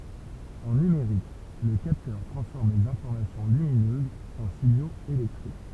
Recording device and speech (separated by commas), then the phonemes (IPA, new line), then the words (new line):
temple vibration pickup, read sentence
ɑ̃ nymeʁik lə kaptœʁ tʁɑ̃sfɔʁm lez ɛ̃fɔʁmasjɔ̃ lyminøzz ɑ̃ siɲoz elɛktʁik
En numérique, le capteur transforme les informations lumineuses en signaux électriques.